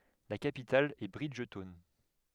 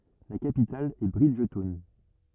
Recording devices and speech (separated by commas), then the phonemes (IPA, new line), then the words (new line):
headset microphone, rigid in-ear microphone, read sentence
la kapital ɛ bʁidʒtɔwn
La capitale est Bridgetown.